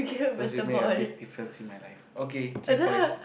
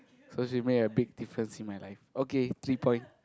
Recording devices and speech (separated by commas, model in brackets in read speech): boundary microphone, close-talking microphone, conversation in the same room